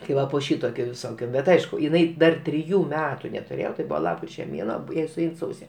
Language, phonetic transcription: Lithuanian, ti ˈva po ˈšytokio visoˈkio ˈbet ˈaišku jiˈnai dar triˈjų ˈmetu netuˈrėjo tai ˈbuvo ˈlapkriče ˈmėnuo ˈjai suˈein ˈsause

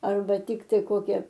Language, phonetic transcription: Lithuanian, ˈarba ˈtiktai ˈkokia

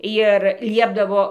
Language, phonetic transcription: Lithuanian, jir ˈliepdavo

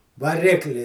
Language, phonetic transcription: Lithuanian, vaˈrikli

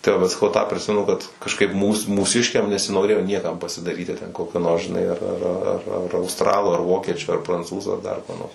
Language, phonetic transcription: Lithuanian, tai ˈvat saˈkau ˈtą priˈsimenu kad kažˈkaip ˈmūs mūˈsiškiam nesinoˈrėjo ˈniekam pasidaˈryti ten ˈkokio nors žiˈnai ar ar ar ˈar austˈralu ar ˈvokiečiu ar pranˈcūzu ar dar kuo nors

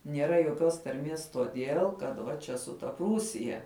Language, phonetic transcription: Lithuanian, nieˈra joˈkios tarˈmies toˈdėl kad ˈva ˈčia su ˈta ˈprūsija

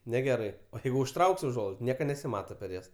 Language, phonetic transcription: Lithuanian, neˈgerai o ˈjeigu užˈtrauk's' uˈžuolaids ˈnieka nesiˈmata per ˈjas

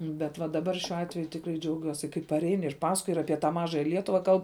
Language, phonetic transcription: Lithuanian, bet va daˈbar šiuo ˈatveju tikˈrai džiauˈgiuosi kai paˈrein ir ˈpasakoj ir ˈapie tą ˈmažaja ˈlietuva ˈkalb

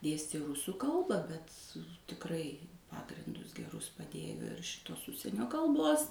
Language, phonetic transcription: Lithuanian, ˈdėstė ˈrūsų ˈkalba bet tikˈrai ˈpagrindus geˈrus paˈdėjo ir ˈšitos ˈužsienio kalˈbos

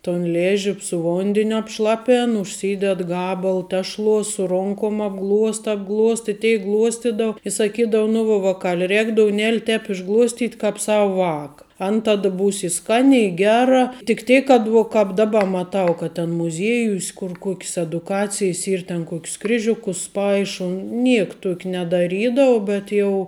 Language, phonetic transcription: Lithuanian, ton ˈlėži su ˈvondėniu apˈšlapen užˈsyded ˈgabal ˈtešˌluos su ˈronkom apˈgluosta apˈgluosta i ˈteik ˈgluostidau i saˈkydavu nu ˈva vaˈkal' ˈrēk douˈnel' ˈtēp išˈgluostyt' kap ˈsava ˈvaka an ˈtada ˈbūs i ˈskan' i ˈgera tik ˈtėk kad ˈvo ˈkāp ˈdaˌba maˈtau kad ten muˈziejūs' kur kok's eduˈkacijs ˈyr ten ˈkok's ˈkriˌžiukus ˈpaiša ˈniek ˈtuok' nedaˈrydavu bet ˈjau

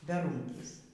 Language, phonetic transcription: Lithuanian, beˈrūnkys

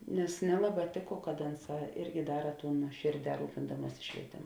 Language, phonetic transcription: Lithuanian, nes ˈnelaˌbā ˈtėˌko kad ˈanˌsā ˈirgi ˈdara ˈtūn nuoˈšėrˌdē ˈrūpindamuosi švieˈtėmu

